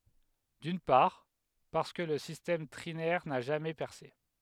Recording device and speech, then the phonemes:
headset microphone, read sentence
dyn paʁ paʁskə lə sistɛm tʁinɛʁ na ʒamɛ pɛʁse

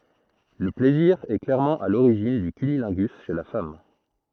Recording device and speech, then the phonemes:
throat microphone, read sentence
lə plɛziʁ ɛ klɛʁmɑ̃ a loʁiʒin dy kynilɛ̃ɡys ʃe la fam

